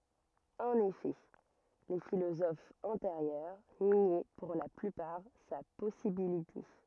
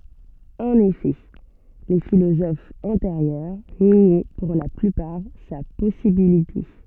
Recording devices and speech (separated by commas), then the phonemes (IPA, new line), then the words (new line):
rigid in-ear microphone, soft in-ear microphone, read sentence
ɑ̃n efɛ le filozofz ɑ̃teʁjœʁ njɛ puʁ la plypaʁ sa pɔsibilite
En effet, les philosophes antérieurs niaient pour la plupart sa possibilité.